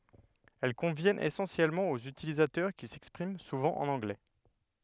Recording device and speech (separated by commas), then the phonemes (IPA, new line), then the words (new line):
headset microphone, read sentence
ɛl kɔ̃vjɛnt esɑ̃sjɛlmɑ̃ oz ytilizatœʁ ki sɛkspʁim suvɑ̃ ɑ̃n ɑ̃ɡlɛ
Elles conviennent essentiellement aux utilisateurs qui s’expriment souvent en anglais.